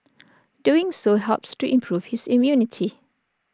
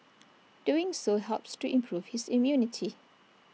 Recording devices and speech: standing microphone (AKG C214), mobile phone (iPhone 6), read sentence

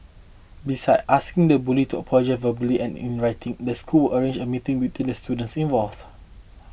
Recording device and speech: boundary microphone (BM630), read sentence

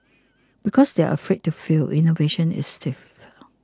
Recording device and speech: close-talking microphone (WH20), read sentence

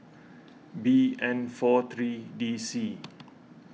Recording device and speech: mobile phone (iPhone 6), read sentence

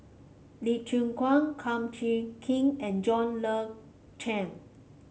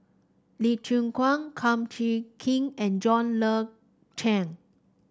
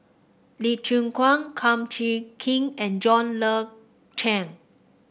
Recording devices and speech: mobile phone (Samsung C5), standing microphone (AKG C214), boundary microphone (BM630), read sentence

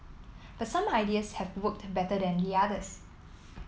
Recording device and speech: mobile phone (iPhone 7), read sentence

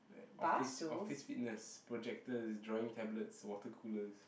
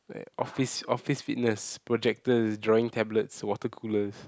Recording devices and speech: boundary microphone, close-talking microphone, conversation in the same room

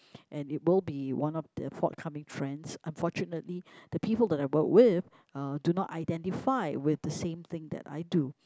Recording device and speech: close-talking microphone, conversation in the same room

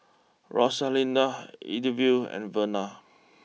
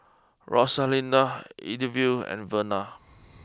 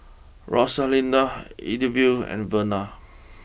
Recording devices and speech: mobile phone (iPhone 6), close-talking microphone (WH20), boundary microphone (BM630), read sentence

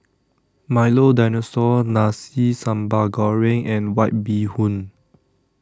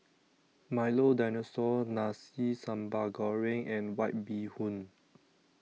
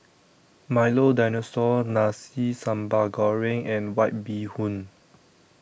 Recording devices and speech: standing microphone (AKG C214), mobile phone (iPhone 6), boundary microphone (BM630), read sentence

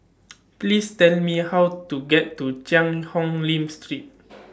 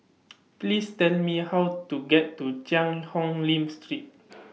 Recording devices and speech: standing microphone (AKG C214), mobile phone (iPhone 6), read sentence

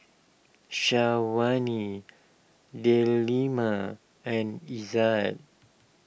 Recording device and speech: boundary microphone (BM630), read sentence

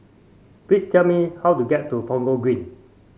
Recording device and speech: mobile phone (Samsung C5), read sentence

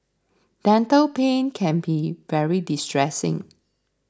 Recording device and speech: standing microphone (AKG C214), read sentence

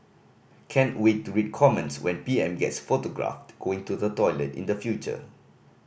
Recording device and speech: boundary microphone (BM630), read sentence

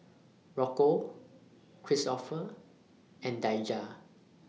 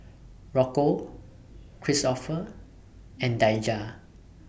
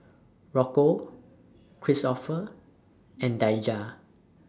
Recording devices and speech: mobile phone (iPhone 6), boundary microphone (BM630), standing microphone (AKG C214), read sentence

